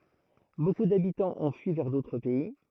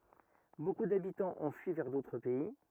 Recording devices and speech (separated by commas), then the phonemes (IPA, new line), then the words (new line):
throat microphone, rigid in-ear microphone, read sentence
boku dabitɑ̃z ɔ̃ fyi vɛʁ dotʁ pɛi
Beaucoup d'habitants ont fui vers d'autres pays.